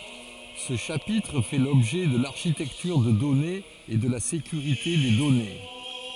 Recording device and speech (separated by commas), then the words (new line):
forehead accelerometer, read sentence
Ce chapitre fait l'objet de l'architecture de données et de la sécurité des données.